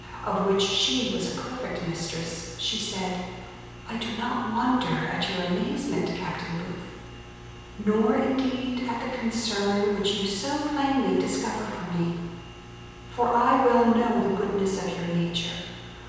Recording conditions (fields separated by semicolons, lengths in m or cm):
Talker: one person; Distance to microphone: 7.1 m; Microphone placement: far; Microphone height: 1.7 m; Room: very reverberant, large; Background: none